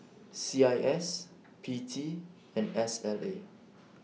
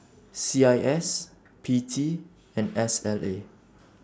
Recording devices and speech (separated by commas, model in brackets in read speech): mobile phone (iPhone 6), standing microphone (AKG C214), read sentence